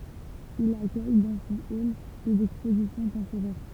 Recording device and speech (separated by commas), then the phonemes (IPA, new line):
temple vibration pickup, read sentence
il akœj dɑ̃ sɔ̃ ɔl dez ɛkspozisjɔ̃ tɑ̃poʁɛʁ